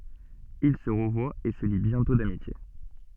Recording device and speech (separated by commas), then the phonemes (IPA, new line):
soft in-ear microphone, read sentence
il sə ʁəvwat e sə li bjɛ̃tɔ̃ damitje